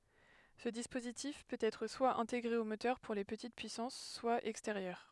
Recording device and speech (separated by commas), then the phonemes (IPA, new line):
headset microphone, read sentence
sə dispozitif pøt ɛtʁ swa ɛ̃teɡʁe o motœʁ puʁ le pətit pyisɑ̃s swa ɛksteʁjœʁ